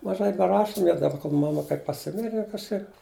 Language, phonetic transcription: Lithuanian, maˈžai beˈrašum jau daˈba kol maˈma kai paˈsimire jau kažˈkaip

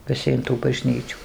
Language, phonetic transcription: Lithuanian, viˈsi in tų baˈžnyčių

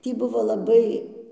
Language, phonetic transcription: Lithuanian, ˈtį ˈbuvo laˈbai

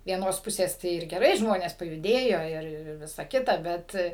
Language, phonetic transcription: Lithuanian, vieˈnos ˈpusės ˈtai ir geˈrai ˈžmonės pajuˈdėjo ˈir ˈir ir ˈvisa ˈkita ˈbet

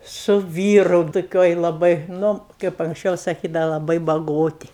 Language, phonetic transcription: Lithuanian, su ˈvyru toˈkioj laˈbai ˈnu kaip anksˈčiau saˈkydava laˈbai baˈgoti

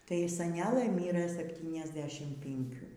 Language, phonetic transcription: Lithuanian, ˈtai saˈnelɘ ˈmyrɘ sepˌtyniasˈdešim pinˈkių

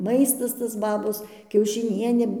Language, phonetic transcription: Lithuanian, ˈmaistas tas ˈbabos kiaušiˈnienė

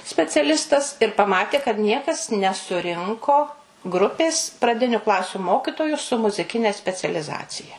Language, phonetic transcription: Lithuanian, speciaˈlistas ir paˈmatė kad ˈniekas nesuˈrinko ˈgrupės praˈdiniu ˈklasiu ˈmokitoju su muziˈkine specialiˈzacija

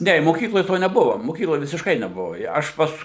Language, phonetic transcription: Lithuanian, ˈne i moˈkykloj ˈto neˈbuvo moˈkykloj visišˈkai neˈbuvo ˈja ˈaš ˈpas

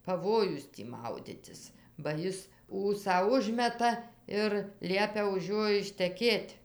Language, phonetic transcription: Lithuanian, paˈvojus tį ˈmauditis ba ˈis ˈūsą ˈužmeta ir ˈliepia už ˈjo išteˈkėt'

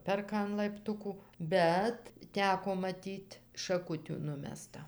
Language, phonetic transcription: Lithuanian, ˈperka an laipˈtuku ˈbet ˈteko maˈtyt' šaˈkutių ˈnumesta

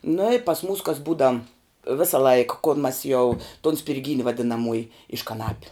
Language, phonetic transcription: Lithuanian, nu i pas mūs kas ˈbūda ˈvėsa laik kol mas jau tun spirˈgyni vadinaˈmuoji iš kaˈnapiu

